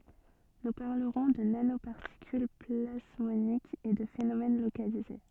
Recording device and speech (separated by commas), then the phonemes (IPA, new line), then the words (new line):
soft in-ear microphone, read sentence
nu paʁləʁɔ̃ də nanopaʁtikyl plasmonikz e də fenomɛn lokalize
Nous parlerons de nanoparticules plasmoniques et de phénomène localisé.